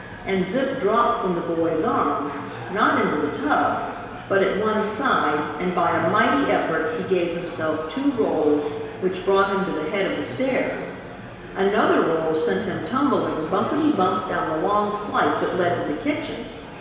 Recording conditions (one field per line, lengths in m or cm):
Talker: one person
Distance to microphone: 1.7 m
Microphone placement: close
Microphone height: 1.0 m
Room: very reverberant, large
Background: babble